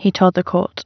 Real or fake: real